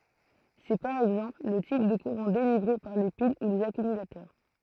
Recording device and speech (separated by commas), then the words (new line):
throat microphone, read sentence
C'est, par exemple, le type de courant délivré par les piles ou les accumulateurs.